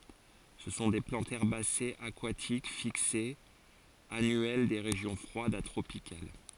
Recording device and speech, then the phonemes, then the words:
forehead accelerometer, read sentence
sə sɔ̃ de plɑ̃tz ɛʁbasez akwatik fiksez anyɛl de ʁeʒjɔ̃ fʁwadz a tʁopikal
Ce sont des plantes herbacées, aquatiques, fixées, annuelles des régions froides à tropicales.

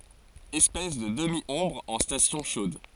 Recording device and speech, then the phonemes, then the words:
forehead accelerometer, read sentence
ɛspɛs də dəmjɔ̃bʁ ɑ̃ stasjɔ̃ ʃod
Espèce de demi-ombre en stations chaudes.

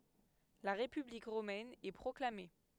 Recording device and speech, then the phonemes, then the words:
headset microphone, read sentence
la ʁepyblik ʁomɛn ɛ pʁɔklame
La République romaine est proclamée.

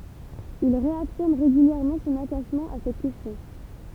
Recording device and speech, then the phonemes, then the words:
temple vibration pickup, read sentence
il ʁeafiʁm ʁeɡyljɛʁmɑ̃ sɔ̃n ataʃmɑ̃ a sɛt kɛstjɔ̃
Il réaffirme régulièrement son attachement à cette question.

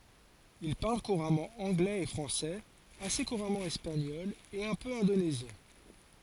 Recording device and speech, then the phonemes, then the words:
forehead accelerometer, read sentence
il paʁl kuʁamɑ̃ ɑ̃ɡlɛz e fʁɑ̃sɛz ase kuʁamɑ̃ ɛspaɲɔl e œ̃ pø ɛ̃donezjɛ̃
Il parle couramment anglais et français, assez couramment espagnol et un peu indonésien.

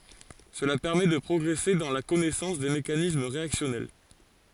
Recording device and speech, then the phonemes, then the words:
forehead accelerometer, read sentence
səla pɛʁmɛ də pʁɔɡʁɛse dɑ̃ la kɔnɛsɑ̃s de mekanism ʁeaksjɔnɛl
Cela permet de progresser dans la connaissance des mécanismes réactionnels.

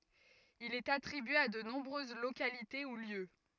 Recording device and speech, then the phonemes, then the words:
rigid in-ear microphone, read sentence
il ɛt atʁibye a də nɔ̃bʁøz lokalite u ljø
Il est attribué à de nombreuses localités ou lieux.

